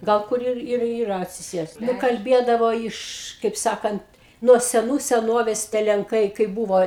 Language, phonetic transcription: Lithuanian, ˈgal kur ˈir ir yˈra atsiˈsėst kalˈbiedavo ˈiš kaip ˈsakant nuo seˈnų seˈnovės tie lenˈkai kaip ˈbūvo

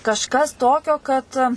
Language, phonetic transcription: Lithuanian, kažˈkas ˈtokio kad

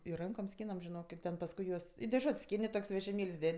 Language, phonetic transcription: Lithuanian, ir ˈrankom ˈskynam žiˈnok i ˈten pasˈkui juos i deˈžut's' ˈskin' i ˈtok's' vežiˈmėl's' ˈded'

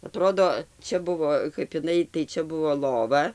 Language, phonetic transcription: Lithuanian, aˈtrodo ˈčia ˈbuvo kap iˈnai tai ˈčia ˈbuvo ˈlova

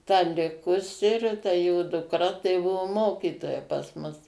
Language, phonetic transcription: Lithuanian, ta ˈlikusi ir ta jo duˈkra tai ˈbuvo ˈmokytoja pas ˈmus

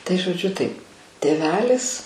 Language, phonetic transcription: Lithuanian, tai žoˈdžiu taip tėˈvelis

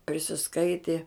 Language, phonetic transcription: Lithuanian, prisisˈkaitė

